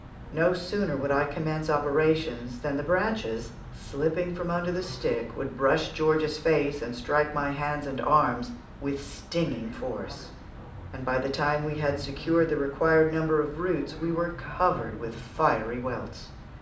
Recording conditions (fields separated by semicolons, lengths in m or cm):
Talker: one person; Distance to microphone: 2.0 m; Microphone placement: close; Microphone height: 99 cm; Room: medium-sized (5.7 m by 4.0 m); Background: television